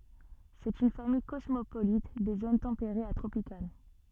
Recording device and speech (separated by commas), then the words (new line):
soft in-ear microphone, read sentence
C'est une famille cosmopolite des zones tempérées à tropicales.